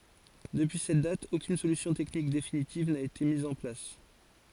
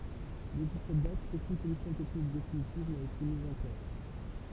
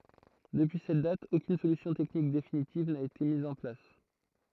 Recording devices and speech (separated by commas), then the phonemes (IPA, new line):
forehead accelerometer, temple vibration pickup, throat microphone, read sentence
dəpyi sɛt dat okyn solysjɔ̃ tɛknik definitiv na ete miz ɑ̃ plas